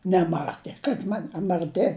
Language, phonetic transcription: Lithuanian, neˈmatė kaip ˈman a marˈti

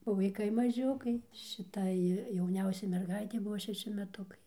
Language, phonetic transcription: Lithuanian, o vaiˈkai maˈžiukai šiˈtai jauˈniausiai merˈgaitei ˈbuvo šeˈši meˈtukai

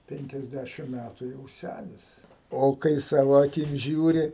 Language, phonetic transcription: Lithuanian, ˌpenkiasˈdæšim ˈmætu jau ˈsænis ˈo kai ˈsavo aˈkim ˈžiūri

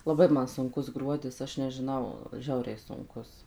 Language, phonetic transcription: Lithuanian, laˈbai ˈman sunˈkus ˈgruodis ˈaš nežiˈnau ˈžiauriai sunˈkus

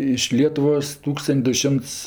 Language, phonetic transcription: Lithuanian, iš ˈlietuvos ˈtūkstan't' du ˈšimts

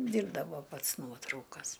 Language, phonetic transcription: Lithuanian, ˈdyrbdavo ˈpats ˈnuotraukas

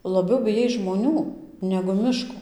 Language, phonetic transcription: Lithuanian, laˈbiau biˈjais žmoˈnių negu ˈmiško

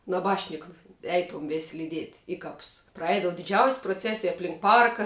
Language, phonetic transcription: Lithuanian, naˈbašnika ˈeitom vės' lyˈdiet' ˈi ˌkaps praˈeidava diˈdžiaus' proˈcesij apˈlink ˈparka

